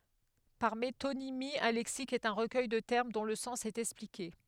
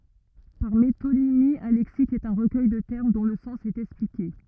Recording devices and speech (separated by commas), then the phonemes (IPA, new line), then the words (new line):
headset microphone, rigid in-ear microphone, read sentence
paʁ metonimi œ̃ lɛksik ɛt œ̃ ʁəkœj də tɛʁm dɔ̃ lə sɑ̃s ɛt ɛksplike
Par métonymie, un lexique est un recueil de termes dont le sens est expliqué.